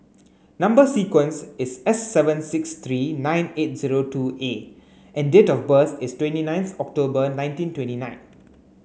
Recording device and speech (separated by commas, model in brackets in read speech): mobile phone (Samsung C9), read sentence